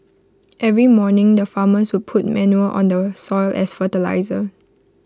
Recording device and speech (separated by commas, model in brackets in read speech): close-talking microphone (WH20), read sentence